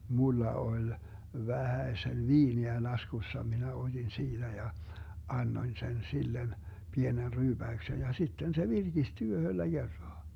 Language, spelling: Finnish, minulla oli vähäsen viiniä laskussa minä otin siitä ja annoin sen sille pienen ryyppäyksen ja sitten se virkistyi yhdellä kertaa
- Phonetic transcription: 'mulla 'oĺ , 'vähäesen "viiniä 'laskussa , minä 'oDin 'siiDä ja , 'annoⁱn 'sen 'sillen , 'pienen 'ryyBäyksen ja 'sitten se "virGisty 'yhöllä 'Gerraa .

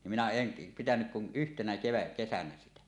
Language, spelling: Finnish, niin minä en pitänyt kuin yhtenä kevätkesänä sitä
- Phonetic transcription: nim minä "en , 'pitänyk kun 'yhtenä 'keväkkesänä 'sitä .

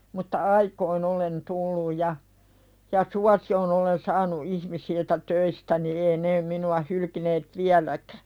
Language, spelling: Finnish, mutta aikoihin olen tullut ja ja suosion olen saanut ihmisiltä töistäni ei ne minua hylkineet vieläkään
- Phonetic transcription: mutta "aikoin ‿olen 'tulluj ja , ja "suasijon olen 'saanu "ihmisiltä 'töistäni ee nee minu₍a 'hylkineet "viäläkᴀ̈ .

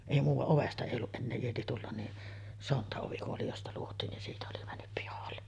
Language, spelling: Finnish, ei - ovesta ei ollut enää ieti tulla niin sontaovi oli josta luotiin niin siitä oli mennyt pihalle
- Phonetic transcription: èi muuva-ˀ 'ovesta èi olluˀ 'ˀennee ieti tullan ni , 'sonta₍ovi oli josta 'luot̀iin nin 'siitä oli männyp pihalle .

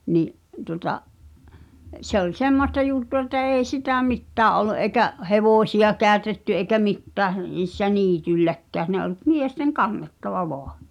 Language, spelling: Finnish, niin tuota se oli semmoista juttua että ei sitä mitään ollut eikä hevosia käytetty eikä mitään niissä niitylläkään ne oli miesten kannettava vain
- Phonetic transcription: ni’ , tuᵒta , 'se ‿oĺ "semmosta jù̳ttu₍a että 'èi sitä̀ "mittää’ ’ol̆lu’ ’eikä’ , "hevòsi₍a 'kääᵒ̈tetty eĭkä 'mittääh , niissä "niityĺläkkä̀ʰ ne ’oĺ , "miesteŋ "kannettava 'voa .

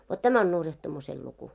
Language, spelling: Finnish, vot tämä on nurjahtumisen luku
- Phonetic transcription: vot 'tämä on 'nurjahtumusel luku .

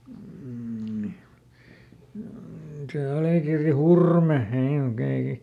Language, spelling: Finnish, niin mm se Alikirri Hurme he oli oikein
- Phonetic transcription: m̥ni , m̥ se ˈAlìkirri "Hurme (he ol ‿oikei) ,.

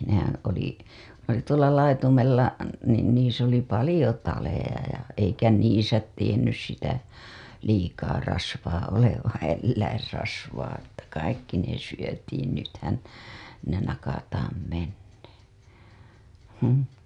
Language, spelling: Finnish, nehän oli ne oli tuolla laitumella niin niissä oli paljon taleja ja eikä niissä tiennyt sitä liikaa rasvaa olevan eläinrasvaa että kaikki ne syötiin nythän ne nakataan menemään mm
- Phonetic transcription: nehän oli , ne ‿oli tuola 'laitumella , niin niis ‿oli "palĭjo 'taleja ja , eikä 'niisä 'tiennys sitä , liikaa rasvaa 'olevaa̰ elläirrasvaa että 'kaikki ne syötiin nythän , ne nakataam mennee , həm .

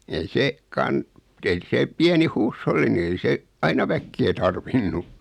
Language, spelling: Finnish, ei se - ei se pieni huusholli niin ei se aina väkeä tarvinnut
- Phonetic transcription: ei 'see , 'kan- , ei 'see , 'piäni "huusholli ni ei 'se , 'aina väkkee tarvinnu .

